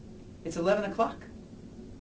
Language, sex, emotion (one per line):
English
male
happy